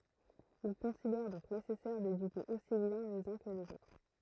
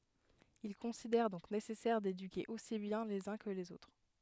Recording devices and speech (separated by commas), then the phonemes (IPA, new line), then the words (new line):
throat microphone, headset microphone, read sentence
il kɔ̃sidɛʁ dɔ̃k nesɛsɛʁ dedyke osi bjɛ̃ lez œ̃ kə lez otʁ
Il considère donc nécessaire d'éduquer aussi bien les uns que les autres.